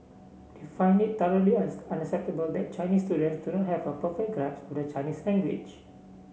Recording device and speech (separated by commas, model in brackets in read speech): mobile phone (Samsung C7), read sentence